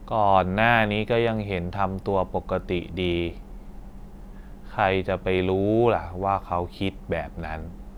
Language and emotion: Thai, frustrated